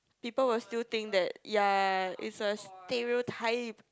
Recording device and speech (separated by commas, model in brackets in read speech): close-talking microphone, conversation in the same room